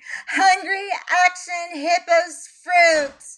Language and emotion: English, fearful